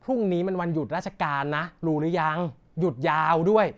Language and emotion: Thai, frustrated